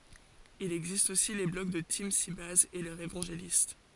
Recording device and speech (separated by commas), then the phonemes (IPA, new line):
forehead accelerometer, read sentence
il ɛɡzist osi le blɔɡ də timsibɛjz e lœʁz evɑ̃ʒelist